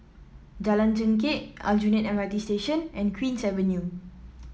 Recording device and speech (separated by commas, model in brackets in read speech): mobile phone (iPhone 7), read sentence